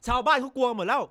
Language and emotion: Thai, angry